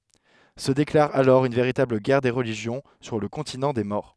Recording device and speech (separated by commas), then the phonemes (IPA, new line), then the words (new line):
headset microphone, read sentence
sə deklaʁ alɔʁ yn veʁitabl ɡɛʁ de ʁəliʒjɔ̃ syʁ lə kɔ̃tinɑ̃ de mɔʁ
Se déclare alors une véritable guerre des religions sur le continent des morts.